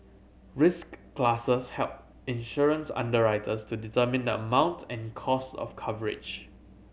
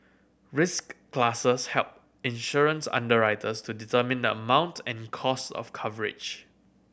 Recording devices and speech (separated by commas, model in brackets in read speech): mobile phone (Samsung C7100), boundary microphone (BM630), read sentence